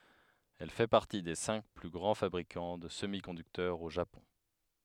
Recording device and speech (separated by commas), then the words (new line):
headset microphone, read sentence
Elle fait partie des cinq plus grands fabricants de semi-conducteurs au Japon.